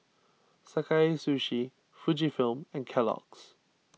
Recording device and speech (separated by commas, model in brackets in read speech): mobile phone (iPhone 6), read sentence